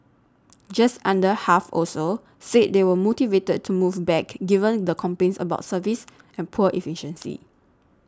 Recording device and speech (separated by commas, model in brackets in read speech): standing microphone (AKG C214), read sentence